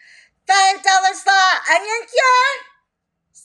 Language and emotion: English, surprised